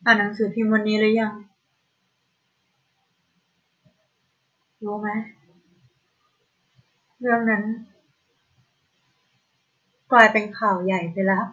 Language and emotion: Thai, sad